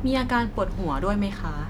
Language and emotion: Thai, neutral